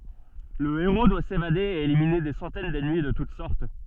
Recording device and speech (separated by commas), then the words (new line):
soft in-ear microphone, read sentence
Le héros doit s'évader et éliminer des centaines d'ennemis de toute sorte.